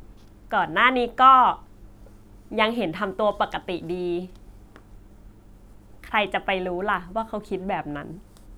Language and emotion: Thai, neutral